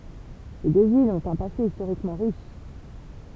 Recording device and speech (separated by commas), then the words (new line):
temple vibration pickup, read sentence
Ces deux villes ont un passé historiquement riche.